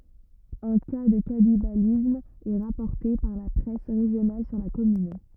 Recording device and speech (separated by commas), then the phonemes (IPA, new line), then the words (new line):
rigid in-ear microphone, read sentence
œ̃ ka də kanibalism ɛ ʁapɔʁte paʁ la pʁɛs ʁeʒjonal syʁ la kɔmyn
Un cas de cannibalisme est rapporté par la presse régionale sur la commune.